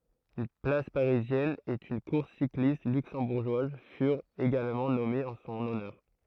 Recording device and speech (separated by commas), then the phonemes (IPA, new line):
throat microphone, read sentence
yn plas paʁizjɛn e yn kuʁs siklist lyksɑ̃buʁʒwaz fyʁt eɡalmɑ̃ nɔmez ɑ̃ sɔ̃n ɔnœʁ